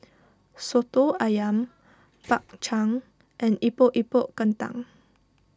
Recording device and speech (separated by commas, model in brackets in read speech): standing microphone (AKG C214), read sentence